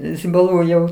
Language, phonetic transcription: Lithuanian, zibaˈlų jau

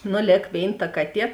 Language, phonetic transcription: Lithuanian, ˈnu ˈlėk ˈvėin ta ˈkaˌtie

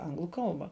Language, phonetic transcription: Lithuanian, ˈanglu ˈkalbą

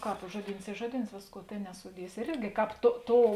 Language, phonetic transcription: Lithuanian, ˈkāp ˈžuoˌdyns ˈy ˈžuoˌdyns ˈvėsˌkuo ˈtėn nesuˈdiesi ir ˈirgi ˈkāp to ˈtou

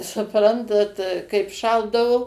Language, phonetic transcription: Lithuanian, suˈprantat kaip ˈšaldavu

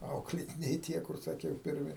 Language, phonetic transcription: Lithuanian, ˈauklėtiniai ˈtie kur saˈkiau pirˈmi

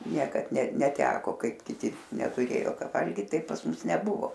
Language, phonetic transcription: Lithuanian, ˈniekad ne neˈteko ˈkaip kiˈti netuˈrėjo ˈka ˈvalgyt ˈtaip pas ˈmus neˈbuvo

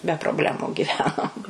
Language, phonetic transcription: Lithuanian, be probˈlemu giˈvenom

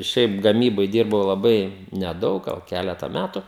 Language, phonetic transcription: Lithuanian, ˈšiaip gaˈmyboj ˈdyrbau laˈbai neˈdaug ˈgal ˈkæleta ˈmætu

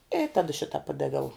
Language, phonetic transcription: Lithuanian, i ˈtada ˈšita ˈpadaviau

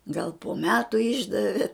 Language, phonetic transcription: Lithuanian, gal po ˈmetu ˈišdavi

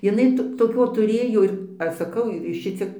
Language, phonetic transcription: Lithuanian, jiˈnai toˈkio tuˈrėjo ir ˈaš saˈkau ˈšiciek

